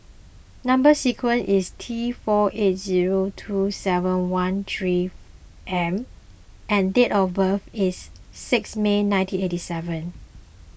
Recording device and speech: boundary microphone (BM630), read sentence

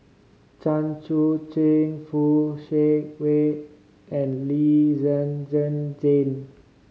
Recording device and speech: mobile phone (Samsung C5010), read sentence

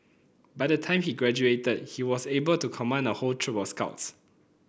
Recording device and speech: boundary microphone (BM630), read sentence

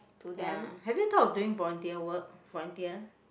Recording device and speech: boundary microphone, conversation in the same room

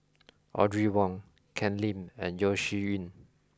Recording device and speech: close-talking microphone (WH20), read sentence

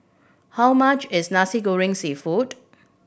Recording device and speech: boundary microphone (BM630), read sentence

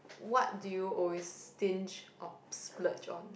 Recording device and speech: boundary microphone, conversation in the same room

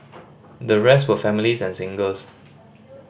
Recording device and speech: boundary microphone (BM630), read sentence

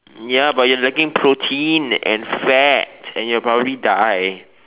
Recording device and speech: telephone, conversation in separate rooms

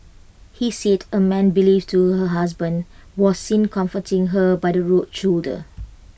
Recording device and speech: boundary microphone (BM630), read sentence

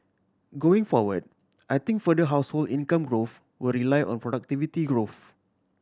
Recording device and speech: standing microphone (AKG C214), read sentence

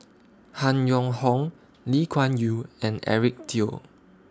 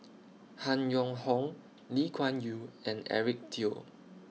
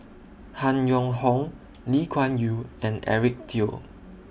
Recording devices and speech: standing microphone (AKG C214), mobile phone (iPhone 6), boundary microphone (BM630), read sentence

